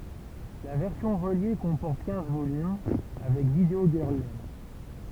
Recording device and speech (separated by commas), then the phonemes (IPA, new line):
temple vibration pickup, read sentence
la vɛʁsjɔ̃ ʁəlje kɔ̃pɔʁt kɛ̃z volym avɛk vidəo ɡœʁl lɛn